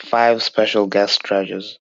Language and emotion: English, disgusted